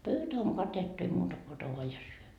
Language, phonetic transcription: Finnish, 'pöytä oŋ "katettu ei muuta ko ota voa ja 'syö .
- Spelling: pöytä on katettu ei muuta kuin ota vain ja syö

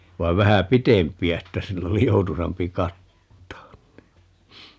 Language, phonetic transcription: Finnish, 'vai̮v 'vähä "pitemp̀i₍ä että 'sill ‿oli "joutusampi 'kattaan (ni) .
- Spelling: vaan vähän pitempiä että sillä oli joutuisampi kattaa niin

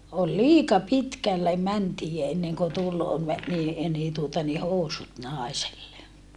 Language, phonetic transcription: Finnish, ol liika pitkälle mäntii enneŋko tul , me- , nii , nii tuota ni housut nàeselle .
- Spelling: oli liika pitkälle mentiin ennen kuin tuli - niin niin tuota niin housut naiselle

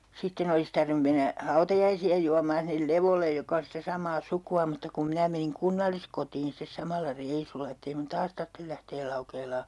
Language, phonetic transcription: Finnish, 'sitten ‿olis 'tarvⁱnu mennä , 'hautajaisi₍a juammaan sinnel 'Levollej joka on̬ sitä 'sam̀aa 'suku₍a mutta kum 'minä meniŋ "kunnalliskotiin stes 'samalla 'reisulla ett ‿ei mun "taas tarttel lähteel 'Laukeelaa .
- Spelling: sitten olisi tarvinnut mennä hautajaisia juomaan sinne Levolle joka on sitä samaa sukua mutta kun minä menin kunnalliskotiin sitten samalla reissulla että ei minun taas tarvitse lähteä Laukeelaan

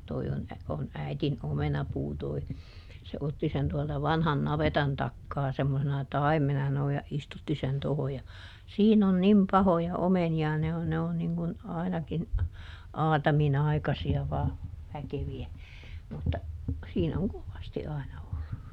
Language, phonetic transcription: Finnish, ˈtoi on , on ˈäitin ˈomenapuu toi , se ˈotti sen tuɔlta ˈvanhan "navetan ˈtakkaa semmosena "taimmena sano ja , ˈistutti sen ˈtoho ja , ˈsiin ‿on ˈnim "pahoja "omeni₍a ne on ne on niŋ kun , ˈainakin , "aatamiˈnaikasi(a vaa , ˈväkevi₍ä , mutta , siin ‿oŋ "kovasti aina ollu .
- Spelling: tuo on on äidin omenapuu tuo se otti sen tuolta vanhan navetan takaa semmoisena taimena sanoi ja istutti sen tuohon ja siinä on niin pahoja omenia ne on ne on niin kuin ainakin aataminaikaisia vain väkeviä mutta siinä on kovasti aina ollut

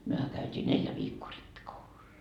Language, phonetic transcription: Finnish, 'myöhä käyt́ii "neljä 'viikkoo 'rippikoulussa .
- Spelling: mehän käytiin neljä viikkoa rippikoulussa

